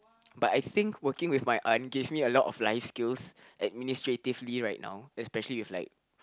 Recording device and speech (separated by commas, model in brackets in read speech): close-talking microphone, conversation in the same room